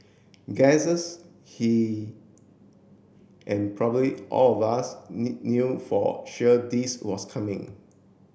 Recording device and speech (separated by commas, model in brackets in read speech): boundary microphone (BM630), read sentence